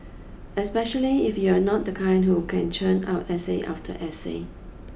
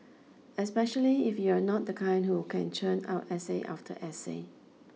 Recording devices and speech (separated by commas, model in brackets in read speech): boundary microphone (BM630), mobile phone (iPhone 6), read sentence